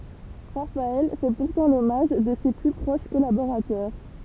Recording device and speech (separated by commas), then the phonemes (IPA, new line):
temple vibration pickup, read sentence
ʁafaɛl fɛ puʁtɑ̃ lɔmaʒ də se ply pʁoʃ kɔlaboʁatœʁ